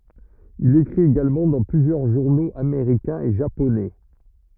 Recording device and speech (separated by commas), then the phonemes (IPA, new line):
rigid in-ear microphone, read sentence
il ekʁit eɡalmɑ̃ dɑ̃ plyzjœʁ ʒuʁnoz ameʁikɛ̃z e ʒaponɛ